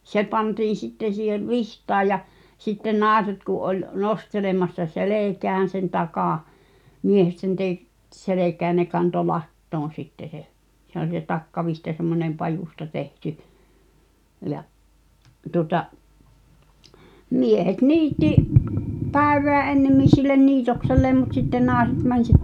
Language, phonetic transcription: Finnish, 'se pantiin̬ 'sitten̬ siihev "vihtaa ja , sitten "nàeset ku’ ’oĺ , 'nostelemassa "selèkään̬ sen takà , 'miehet sen te- , -t 'selekää ʿʲᵃ̈ʾ ne kanto "lattoon̬ sitte se , se ‿o(l) se 'takkavihta semmoneᵐ "pajusta 'tehty , ja’ , tuᵒta’ , "miehet 'niitti , "pä̀i̬v̀eä 'ennemmin sillen 'niitokselleem mut sitten 'naaᵉset män sit- ,.
- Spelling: se pantiin sitten siihen vitsaan ja sitten naiset kun oli nostelemassa selkään sen takan miehet sen - - selkään ja ne kantoi latoon sitten se se oli se takkavitsa semmoinen pajusta tehty ja tuota miehet niitti päivää ennemmin sille niitokselleen mutta sitten naiset meni -

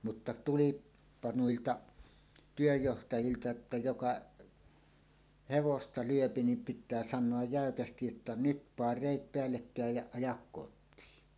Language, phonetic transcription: Finnish, mutta 'tul̀iippa "nuilta , 'työjjohtajilta että "jokaˀ , "hevosta 'lyöpi nim pit̆tää 'san̆noaj 'jä̀ökästij jotta » "nyt " paar 'rèit 'peällekkä̀ej ja ajak kot̆tii « .
- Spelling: mutta tulipa niiltä työnjohtajilta että joka hevosta lyö niin pitää sanoa jäykästi jotta nyt - pane reet päällekkäin ja aja kotiin

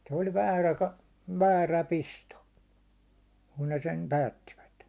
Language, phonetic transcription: Finnish, se oĺ "väärä ka- , "väärä "pisto , kun ne sem "päättivät .
- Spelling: se oli väärä - väärä pisto kun ne sen päättivät

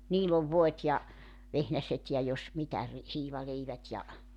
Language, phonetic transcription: Finnish, 'niill ‿ov 'voet ja , 'vehnäset ja 'jos 'mitä ri- , 'hiivaleivät ja ,.
- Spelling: niillä on voit ja vehnäset ja jos mitä - hiivaleivät ja

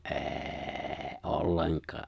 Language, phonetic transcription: Finnish, ’ê̬ê̬ "’olleŋk̀aa .
- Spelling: ei ollenkaan

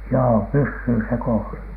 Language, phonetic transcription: Finnish, joo "pyssyy se 'koosa .
- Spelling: joo pysyy se koossa

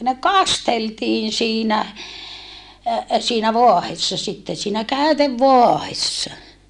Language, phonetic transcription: Finnish, ne kasteltiin̬ siinä , siinä voahessa sitte siinä käytevvoahessa .
- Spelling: ne kasteltiin siinä siinä vaahdossa sitten siinä käytevaahdossa

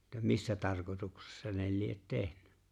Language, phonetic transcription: Finnish, -tä "missä 'tarkotuksessa ne 'liet "tehnʏ .
- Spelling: - missä tarkoituksessa ne lie tehnyt

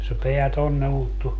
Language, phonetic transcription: Finnish, se 'peä 'tonne ulttu .
- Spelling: se pää tuonne ulottui

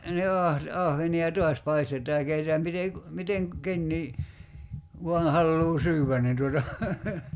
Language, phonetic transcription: Finnish, ni ah- , 'ahveni₍a "tuas paistet̀aa ja 'keitetääm mite ku- , 'miteŋ 'kennii , 'vuan̬ 'halluu "syywvän nin tuota ,.
- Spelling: niin - ahvenia taas paistetaan ja keitetään miten - miten kukakin vain haluaa syödä niin tuota

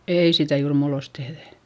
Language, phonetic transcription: Finnish, ei sitä juur muullost tehδä .
- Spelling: ei sitä juuri muulloin tehdä

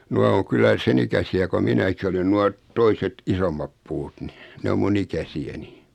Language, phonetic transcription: Finnish, 'nua oŋ 'kullä 'sen ‿ikä-si₍ä ko 'minäki olen 'nua , 'toiset "isommap 'puut ni , 'ne om mu'n ‿ikäsi₍äni .
- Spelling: nuo on kyllä sen ikäisiä kuin minäkin olen nuo toiset isommat puut niin ne on minun ikäisiäni

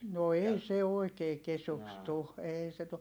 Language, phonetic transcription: Finnish, no ei se oikee kesuks tu , eei se tu .
- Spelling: no ei se oikein kesyksi tule ei se tule

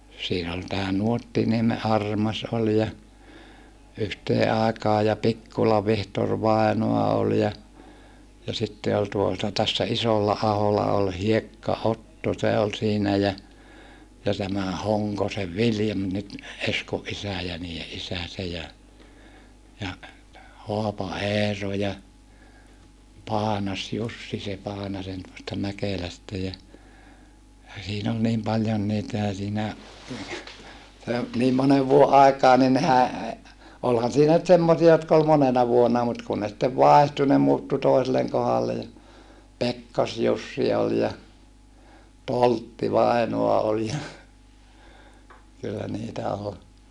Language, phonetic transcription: Finnish, siin ‿ol tää Nuottinieme ʼArmas ol ja , yhtee àekaa ja Pikkula Vihtor vàinoa ol ja , ja sitte ol tuota tässä Isollaahola ol Hiekka-Otto se ol siinä jä , ja tämä Hoŋkosev Viljam nyt , Eskoʼ ʼisä̀ ja niije ʼisä se ja , ja , Hoapa-Eero ja , Paanas-Jussi se Paanasen tuosta Mäkelästä ja , ja siin ‿ol niim paljon niitä ja siinä , se , niim monev vuoʼ ʼaik̀aa ni nehä , olhan siinä nyt semmosia jotk ‿ol monena vuonna mut kun ne sⁱttev vàehtu ne muuttu toiselleŋ kohalle ja , Pekkas-Jussi ol ja , Toltti-vàinoa ol ja , kyllä niitä ol .
- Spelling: siinä oli tämä Nuottiniemen Armas oli ja yhteen aikaan ja Pikkulan Vihtori vainaa oli ja ja sitten oli tuota tässä Isolla-aholla oli Hiekka-Otto se oli siinä ja ja tämä Honkosen Viljami nyt Eskon isä ja niiden isä se ja ja Haapa-Eero ja Paanas-Jussi se Paanasen tuosta Mäkelästä ja ja siinä oli niin paljon niitä ja siinä se niin monen vuoden aikaan niin nehän olihan siinä nyt semmoisia jotka oli monena vuonna mutta kun ne sitten vaihtui ne muuttui toiselle kohdalle ja Pekkas-Jussi oli ja Toltti-vainaa oli ja kyllä niitä oli

